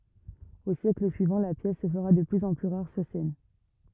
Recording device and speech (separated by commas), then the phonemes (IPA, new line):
rigid in-ear microphone, read sentence
o sjɛkl syivɑ̃ la pjɛs sə fəʁa də plyz ɑ̃ ply ʁaʁ syʁ sɛn